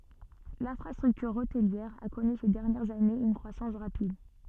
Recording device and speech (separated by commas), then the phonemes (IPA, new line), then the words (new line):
soft in-ear microphone, read sentence
lɛ̃fʁastʁyktyʁ otliɛʁ a kɔny se dɛʁnjɛʁz anez yn kʁwasɑ̃s ʁapid
L'infrastructure hôtelière a connu ces dernières années une croissance rapide.